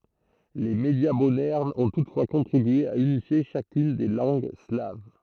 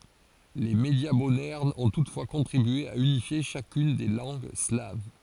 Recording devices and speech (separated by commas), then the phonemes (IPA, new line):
throat microphone, forehead accelerometer, read sentence
le medja modɛʁnz ɔ̃ tutfwa kɔ̃tʁibye a ynifje ʃakyn de lɑ̃ɡ slav